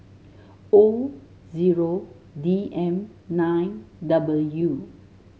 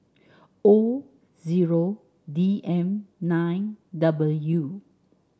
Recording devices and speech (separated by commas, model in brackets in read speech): mobile phone (Samsung S8), standing microphone (AKG C214), read sentence